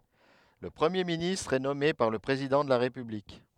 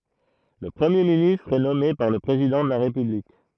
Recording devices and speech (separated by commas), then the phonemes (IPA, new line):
headset microphone, throat microphone, read sentence
lə pʁəmje ministʁ ɛ nɔme paʁ lə pʁezidɑ̃ də la ʁepyblik